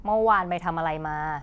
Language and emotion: Thai, frustrated